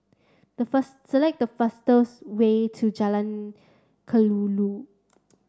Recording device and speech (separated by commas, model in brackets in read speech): standing microphone (AKG C214), read sentence